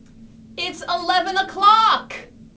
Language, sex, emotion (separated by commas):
English, female, disgusted